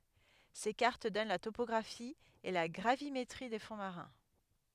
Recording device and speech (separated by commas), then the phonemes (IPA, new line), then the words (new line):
headset microphone, read sentence
se kaʁt dɔn la topɔɡʁafi e la ɡʁavimetʁi de fɔ̃ maʁɛ̃
Ces cartes donnent la topographie et la gravimétrie des fonds marins.